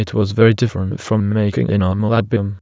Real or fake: fake